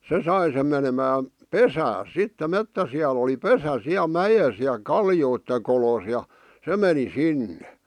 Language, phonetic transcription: Finnish, 'se sai sem menemään̬ , "pesääs sitte "mettäsi₍al ‿oli "pesä 'siäˡ "mäjes ja "kaljoitte kolos ja , 'se meni 'sinne .
- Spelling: se sai sen menemään pesäänsä sitten metsäsialla oli pesä siellä mäessä ja kallioiden kolossa ja se meni sinne

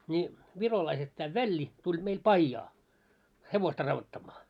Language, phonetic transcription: Finnish, ńi 'virolaiset tää "Välli , tuĺ meil "paijjaa , 'hevosta ravvottammaa .
- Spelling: niin virolaiset tämä Välli tuli meillä pajaa hevosta raudoittamaan

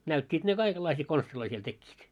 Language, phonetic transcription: Finnish, 'näyt́t́iit ne 'kaikellaisii 'konstiloi siel 'tekkiit .
- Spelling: näyttivät ne kaikenlaisia konsteja siellä tekivät

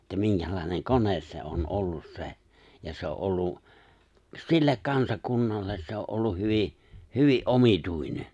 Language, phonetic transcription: Finnish, että 'miŋkälai̬neŋ "kones se '’on "’ollus 'se̬ , ja se o’ '’ollu , 'sillek 'kansakunnalles se o’ ’olluh̆ 'hyvi , 'hyvi '’omituine .
- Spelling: että minkälainen kone se on ollut se ja se on ollut sille kansakunnalle se on ollut hyvin hyvin omituinen

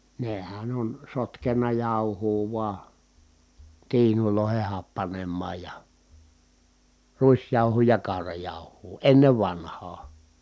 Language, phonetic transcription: Finnish, nehän ‿on sotkenna jàuhuu vua , tiinulòeheh happanemmaaj ja , ruisjàuhuu ja kàu̬rajàuh̀uu , ennev vanhaa .
- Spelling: nehän on sotkenut jauhoa vain tiinuihin happanemaan ja ruisjauhoa ja kaurajauhoa ennen vanhaan

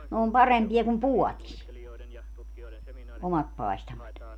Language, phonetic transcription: Finnish, ne om 'parempi₍a kum "puɔtis , 'omat 'paestamat .
- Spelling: ne on parempia kuin puodissa omat paistamat

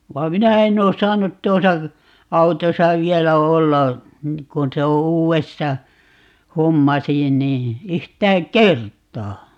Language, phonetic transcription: Finnish, va 'minä 'enn ‿oo "saanut 'tuosa , 'autosa 'vielä "olla , 'kun se o 'uuwesta , "hommasi nii , 'yhtääŋ "k̀ert̀aa .
- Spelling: vaan minä en ole saanut tuossa autossa vielä olla kun se on uudesta hommasi niin yhtään kertaa

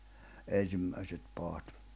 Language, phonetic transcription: Finnish, 'en̬simmäiset 'paat .
- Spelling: ensimmäiset padat

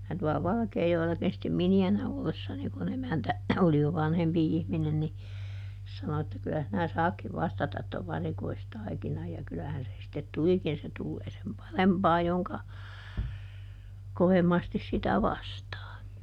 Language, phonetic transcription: Finnish, minä tuɔla ˈValᵃkeejoella(kin stem) ˈmini₍änä ollessani kuˈn ‿emäntä , oli jo ˈvanhempi ˈihminen ni , ˈsano että » kylä sinä ˈsaakkiv ˈvastatat tov ˈvarikoistaikinaj » ja ˈkylähän se sⁱttet "tulikin - se ˈtullee sem "parempaa joŋka , ˈkovemmastis sitä "vastaa .
- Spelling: minä tuolla Valkeajoellakin sitten miniänä ollessani kun emäntä oli jo vanhempi ihminen niin sanoi että kyllä sinä saatkin vastata tuon varikoistaikinan ja kyllähän se sitten tulikin se tulee sen parempaa jonka kovemmasti sitä vastaa

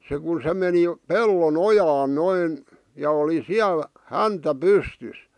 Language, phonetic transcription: Finnish, se ku se meni , "pello"n ‿ojaan 'noin , ja oli "siäl , "häntä "pystys .
- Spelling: se kun se meni pellon ojaan noin ja oli siellä häntä pystyssä

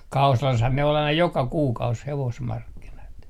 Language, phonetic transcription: Finnish, 'Kausalashan ne ol aina 'joka "kuukaus 'hevosmarkkinat .
- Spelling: Kausalassahan ne oli aina joka kuukausi hevosmarkkinat

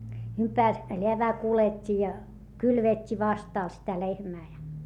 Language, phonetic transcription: Finnish, - - leävää kulet́t́i ja , kylvet́t́i vastàl sitä lehmää ja .
- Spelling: - läävään kuljetti ja kylvetti vastalla sitä lehmää ja

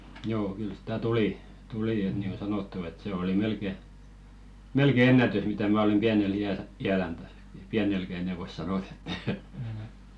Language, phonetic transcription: Finnish, 'joo 'kyl sᴵtä "tulì , 'tulì et niiŋɢo 'sanottu et se oli 'melke , "melke "ennätys mitä 'mä olem 'ʙiänel "i₍äl , 'i₍älän täs , "piänelkä enɛ vois 'sanot ‿että .
- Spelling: joo kyllä sitä tuli tuli että niin kuin sanottu että se oli melkein melkein ennätys mitä minä olen pienellä iällä iälläni tässä pienelläkään enää voi sanoa että

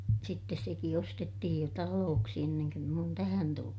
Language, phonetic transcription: Finnish, sittes seki ostettihij jo talooksi enneŋ köm m ‿oon tähän tullu .
- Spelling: sitten sekin ostettiin jo taloksi ennen kuin minä olen tähän tullut

